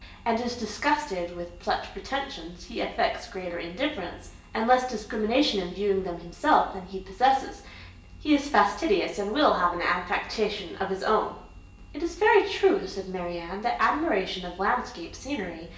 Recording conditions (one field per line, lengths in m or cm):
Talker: one person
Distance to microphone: 1.8 m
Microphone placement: close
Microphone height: 1.0 m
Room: large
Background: none